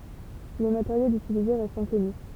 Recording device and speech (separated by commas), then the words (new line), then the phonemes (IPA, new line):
temple vibration pickup, read sentence
Le matériel utilisé reste inconnu.
lə mateʁjɛl ytilize ʁɛst ɛ̃kɔny